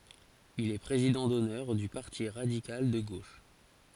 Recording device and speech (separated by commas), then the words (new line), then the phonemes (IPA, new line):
forehead accelerometer, read sentence
Il est président d'honneur du Parti radical de gauche.
il ɛ pʁezidɑ̃ dɔnœʁ dy paʁti ʁadikal də ɡoʃ